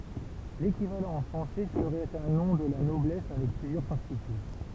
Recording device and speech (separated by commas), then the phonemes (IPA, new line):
temple vibration pickup, read sentence
lekivalɑ̃ ɑ̃ fʁɑ̃sɛ səʁɛt œ̃ nɔ̃ də la nɔblɛs avɛk plyzjœʁ paʁtikyl